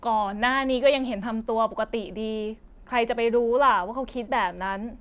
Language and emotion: Thai, frustrated